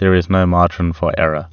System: none